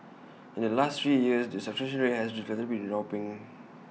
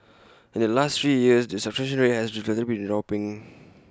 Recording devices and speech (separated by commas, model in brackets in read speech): mobile phone (iPhone 6), close-talking microphone (WH20), read sentence